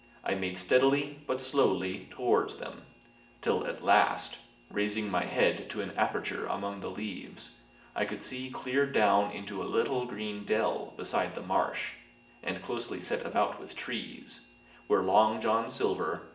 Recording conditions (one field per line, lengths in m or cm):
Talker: one person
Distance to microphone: 1.8 m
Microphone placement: close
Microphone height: 1.0 m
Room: large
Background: none